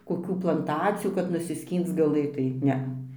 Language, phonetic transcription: Lithuanian, koˈkių planˈtacijų kad nusiˈskync gaˈlɘtai ˈnea

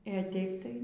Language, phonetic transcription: Lithuanian, ė ˈteip tai

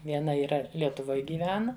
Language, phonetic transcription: Lithuanian, vieˈna yˈra lietuˈvoj gyˈvena

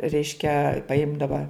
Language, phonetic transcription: Lithuanian, ˈreiškia paˈimdava

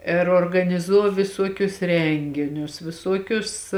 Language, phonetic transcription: Lithuanian, ir organiˈzū viˈsuokius ˈrenginius viˈsuokius

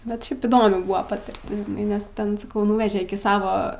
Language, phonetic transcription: Lithuanian, bet ˈšiaip įˈdomi ˈbuva patirˈtis žiˈnai nes ˈten saˈkau ˈnuveže ˈiki ˈsavo

